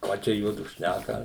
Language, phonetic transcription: Lithuanian, ˈką ˈčia ˈjuodu ˈšnæka

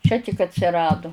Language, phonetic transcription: Lithuanian, ˈčia tik atsiˈradu

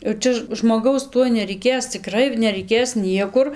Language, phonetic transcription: Lithuanian, jau ˈčia žmoˈgaus ˈtuoj nereiˈkės ciˈkrai nereiˈkės ˈniekur

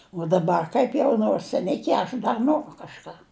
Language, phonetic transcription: Lithuanian, uo daˈbar kaip ˈjau nors seˈniki aš ˈdar ˈnoru kažˈką

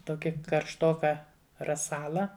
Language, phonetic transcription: Lithuanian, ˈtoki karšˈtoka raˈsala

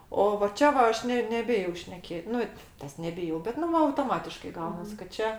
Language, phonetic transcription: Lithuanian, o va ˈčia va ˈaš ˈne neˈbijau šneˈkėt' ˈnu ˈtas neˈbijau bet ˈnu ˈva autoˈmatiškai ˈgaunas kad ˈčia

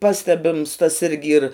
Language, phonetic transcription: Lithuanian, ˈpastebims tas ˈirgi ir

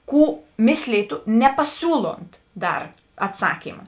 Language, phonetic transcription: Lithuanian, ˈkų ˈmėslytu nepaˈsiūlont ˈdar atˈsakyma

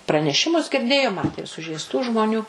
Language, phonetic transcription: Lithuanian, praneˈšimus girˈdėjo ˈmatė ir sužeisˈtų žmoˈnių

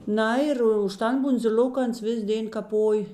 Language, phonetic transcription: Lithuanian, ˈna ir už ˈtan bundziˈl'ok ˈans ˈvis ˈdėn kaˈpoj

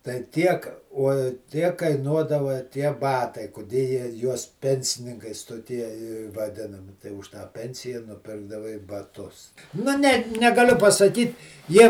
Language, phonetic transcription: Lithuanian, tai ˈtiek o ˈtiek kaiˈnuodava tie ˈbatai kuˈdė jie juos ˈpensininkais toˈtie i vaˈdinami tai už tą ˈpensija nuˈpirkdavai baˈtus nu ˈne negaˈliu pasaˈkyt ˈjie

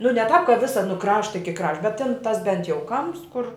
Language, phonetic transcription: Lithuanian, nu ne tāp ka ˈvisa nu ˈkrašta iki ˈkraš bet tin ˈtas ˈbent jau ˈkamps kur

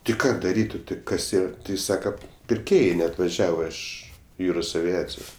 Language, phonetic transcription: Lithuanian, ti ˈką daˈryt' o ti ˈkas ˈyra ti ˈjis ˈsaka pirˈkėjai neatvaˈžiava ˈiš ˈjūros aviˈaciju

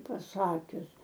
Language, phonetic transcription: Lithuanian, paˈsakius

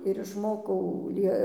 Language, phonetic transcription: Lithuanian, ir išˈmokau ˈlie

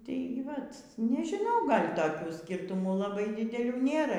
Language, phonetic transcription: Lithuanian, tėi ˈvat nežiˈnau ˈgal' taˈkių ˈskirtumų laˈbai dideˈlių ˈnėra

